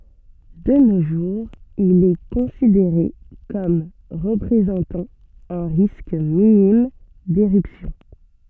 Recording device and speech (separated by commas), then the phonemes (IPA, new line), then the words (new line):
soft in-ear microphone, read sentence
də no ʒuʁz il ɛ kɔ̃sideʁe kɔm ʁəpʁezɑ̃tɑ̃ œ̃ ʁisk minim deʁypsjɔ̃
De nos jours, il est considéré comme représentant un risque minime d’éruption.